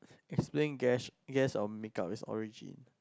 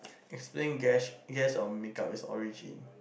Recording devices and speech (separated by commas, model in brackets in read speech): close-talking microphone, boundary microphone, conversation in the same room